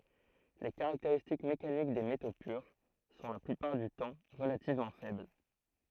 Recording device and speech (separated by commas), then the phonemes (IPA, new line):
throat microphone, read sentence
le kaʁakteʁistik mekanik de meto pyʁ sɔ̃ la plypaʁ dy tɑ̃ ʁəlativmɑ̃ fɛbl